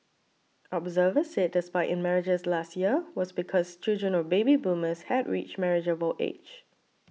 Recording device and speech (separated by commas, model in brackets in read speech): mobile phone (iPhone 6), read sentence